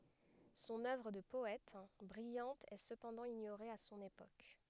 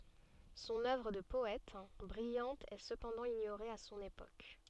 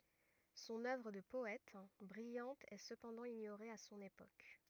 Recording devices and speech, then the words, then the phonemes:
headset microphone, soft in-ear microphone, rigid in-ear microphone, read sentence
Son œuvre de poète, brillante est cependant ignorée à son époque.
sɔ̃n œvʁ də pɔɛt bʁijɑ̃t ɛ səpɑ̃dɑ̃ iɲoʁe a sɔ̃n epok

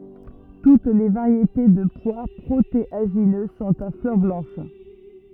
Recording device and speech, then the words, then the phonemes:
rigid in-ear microphone, read sentence
Toutes les variétés de pois protéagineux sont à fleurs blanches.
tut le vaʁjete də pwa pʁoteaʒinø sɔ̃t a flœʁ blɑ̃ʃ

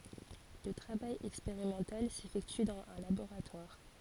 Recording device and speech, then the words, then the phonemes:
forehead accelerometer, read sentence
Le travail expérimental s'effectue dans un laboratoire.
lə tʁavaj ɛkspeʁimɑ̃tal sefɛkty dɑ̃z œ̃ laboʁatwaʁ

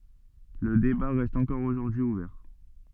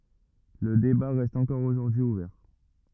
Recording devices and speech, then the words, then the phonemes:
soft in-ear microphone, rigid in-ear microphone, read sentence
Le débat reste encore aujourd'hui ouvert.
lə deba ʁɛst ɑ̃kɔʁ oʒuʁdyi uvɛʁ

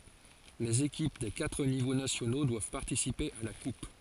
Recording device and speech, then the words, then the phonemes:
forehead accelerometer, read sentence
Les équipes des quatre niveaux nationaux doivent participer à la Coupe.
lez ekip de katʁ nivo nasjono dwav paʁtisipe a la kup

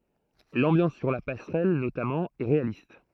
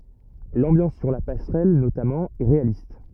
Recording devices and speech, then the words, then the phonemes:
throat microphone, rigid in-ear microphone, read sentence
L'ambiance sur la passerelle, notamment, est réaliste.
lɑ̃bjɑ̃s syʁ la pasʁɛl notamɑ̃ ɛ ʁealist

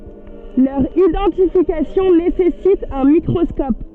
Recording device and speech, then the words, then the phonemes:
soft in-ear microphone, read sentence
Leur identification nécessite un microscope.
lœʁ idɑ̃tifikasjɔ̃ nesɛsit œ̃ mikʁɔskɔp

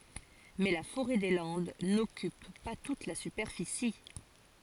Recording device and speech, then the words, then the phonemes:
forehead accelerometer, read sentence
Mais la forêt des Landes n'occupe pas toute la superficie.
mɛ la foʁɛ de lɑ̃d nɔkyp pa tut la sypɛʁfisi

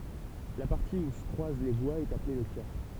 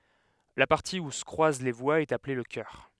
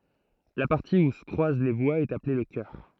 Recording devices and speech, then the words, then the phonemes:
temple vibration pickup, headset microphone, throat microphone, read sentence
La partie où se croisent les voies est appelée le cœur.
la paʁti u sə kʁwaz le vwaz ɛt aple lə kœʁ

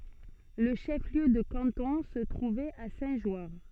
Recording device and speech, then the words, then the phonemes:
soft in-ear microphone, read sentence
Le chef-lieu de canton se trouvait à Saint-Jeoire.
lə ʃəfliø də kɑ̃tɔ̃ sə tʁuvɛt a sɛ̃tʒwaʁ

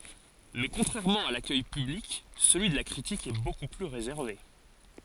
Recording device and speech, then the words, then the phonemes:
forehead accelerometer, read sentence
Mais contrairement à l'accueil public, celui de la critique est beaucoup plus réservé.
mɛ kɔ̃tʁɛʁmɑ̃ a lakœj pyblik səlyi də la kʁitik ɛ boku ply ʁezɛʁve

